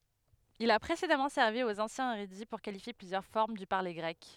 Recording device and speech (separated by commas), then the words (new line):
headset microphone, read sentence
Il a précédemment servi aux anciens érudits pour qualifier plusieurs formes du parler grec.